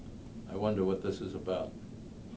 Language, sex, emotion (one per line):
English
male
neutral